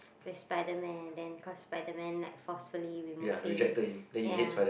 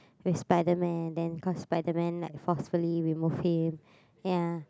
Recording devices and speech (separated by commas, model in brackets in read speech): boundary microphone, close-talking microphone, conversation in the same room